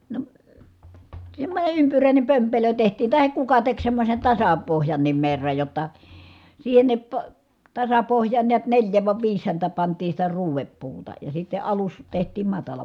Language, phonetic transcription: Finnish, no , semmońe ympyrä̀ine pömpelö tehtii tahek kuka tek semmosen tasa- , -pohjannim merraj jotta , siihennip po- , tasapohj̀aan niät neĺjä va viis häntä pantii sitä ruuveppuuta , ja sitte alus , tehtiim matala .
- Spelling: no semmoinen ympyräinen pömpelö tehtiin tai kuka teki semmoisen - tasapohjankin merran jotta siihenkin - tasapohjaan näet neljä vai viisi häntä pantiin sitä ruodepuuta ja sitten alus tehtiin matala

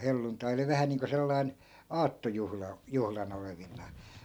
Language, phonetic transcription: Finnish, 'helluntai oli 'vähä niiŋko 'sellai̮n , "aattojuhla , 'juhla'n ‿olevin̆naa .
- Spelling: helluntai oli vähän niin kuin sellainen aattojuhla juhlan olevinaan

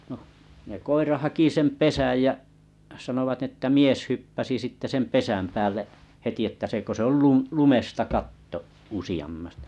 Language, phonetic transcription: Finnish, no , ne 'koira haki 'sem "pesäj jä , sanovat (n) ‿että "mies 'hyppäsi sitte 'sem "pesäm 'päälle’ , 'heti että se kö se "lumesta 'katto , usi₍ammas- .
- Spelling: no ne koira haki sen pesän ja sanovat niin että mies hyppäsi sitten sen pesän päälle heti että se kun se - lumesta katto -

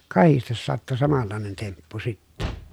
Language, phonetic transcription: Finnish, ja kahistes sattu samallàenen temppu sittɛ .
- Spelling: ja kahdesti sattui samanlainen temppu sitten

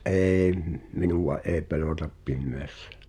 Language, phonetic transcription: Finnish, '’ê m- , "minuva ’ee 'pelòtap 'pimmeässᴀ̈ .
- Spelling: en - minua ei pelota pimeässä

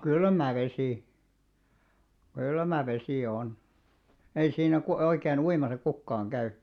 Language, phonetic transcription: Finnish, kylmä 'vesì§ , 'kylmä 'vesì§ 'on , 'ei 'siinä ku- , oikei'n ‿uimasa 'kukkaaŋ 'käy .
- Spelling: kylmä vesi kylmä vesi on ei siinä - oikein uimassa kukaan käy

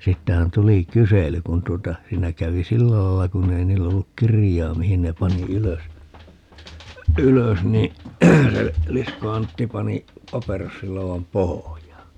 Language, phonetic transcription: Finnish, 'siittähän 'tuli "kysely 'kun tuota , 'siinä 'kävi "sillä lailla 'kunnei 'niill ‿olluk "kirij̀aa 'mihin ne 'pani "ylös , "ylös ni , 'se , 'Lisko 'Antti 'pani , 'paperossiloo₍am "pohojaa .
- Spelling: siitähän tuli kysely kun tuota siinä kävi sillä lailla kun ei niillä ollut kirjaa mihin ne pani ylös ylös niin se Liskon Antti pani paperossiloodan pohjaan

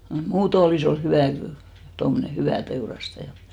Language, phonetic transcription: Finnish, noi "muuto olì's ‿ol 'hyvä̀ kyl , 'tommᵒne "hyvä̀ 'teurastaja .
- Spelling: noin muuten olisi oli hyvä kyllä tuommoinen hyvä teurastaja

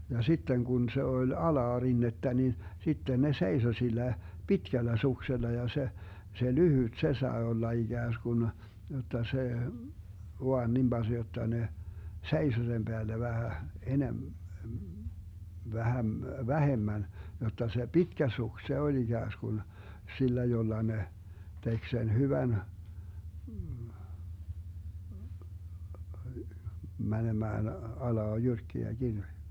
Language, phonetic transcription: Finnish, ja 'sitten 'Gun 'se 'oĺ "alaarinnettä ni , 'sitten ne 'seiso sil̆lä , "pitkällä 'suksella ja se , se "lyhyt , "se 'sae 'olla 'iGääsGun , jot̆ta se , 'voan nim baZ 'jotta 'ne , "seiso sem 'Beällä 'vähä , 'enem- , 'vähäm- , "vähemmän , 'jotta se "pitkä 'suks 'se oĺ 'iGääsGun , 'sillä 'jolla 'ne , 'tek 'sen 'hyvän , 'mänemään 'alaa 'jyrkkiä (mäkiä) .
- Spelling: ja sitten kun se oli alarinnettä niin sitten ne seisoi sillä pitkällä suksella ja se se lyhyt se sai olla ikään kuin jotta se vain niin passi jotta ne seisoi sen päällä vähän - - vähemmän jotta se pitkä suksi se oli ikään kuin sillä jolla ne teki sen hyvän menemään alas jyrkkiä mäkiä

